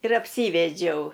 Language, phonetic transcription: Lithuanian, ir apˈsyvedžiau

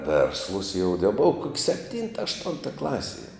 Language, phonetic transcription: Lithuanian, ˈvėrslus jau de ˈbova kok sepˈtynta ašˈtunta ˈklasie

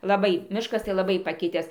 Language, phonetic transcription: Lithuanian, laˈbai ˈmiškas tai laˈbai paˈkitęs

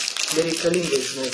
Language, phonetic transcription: Lithuanian, bereikaˈlyngai žiˈnai

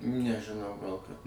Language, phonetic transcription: Lithuanian, nežiˈnau gal kad

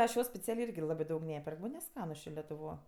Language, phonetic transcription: Lithuanian, ˈaš ˈjo speˈcialė ˈirgi ˈlabɜ ˈdaug ˈneperk ˈman' neˈskanus ˈčė letuˈvo

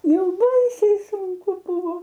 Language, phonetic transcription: Lithuanian, ˈjau ˈbaisiai sunˈku ˈbūvo

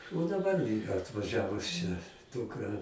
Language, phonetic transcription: Lithuanian, o daˈbar atvaˈžiavus čia ˈdūkra

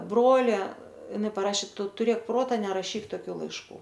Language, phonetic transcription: Lithuanian, ˈbrole iˈnai paˈrašė ˈtu tuˈrėk ˈprota neraˈšyk toˈkių laišˈkų

